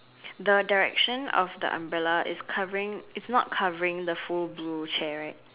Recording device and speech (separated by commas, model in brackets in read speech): telephone, conversation in separate rooms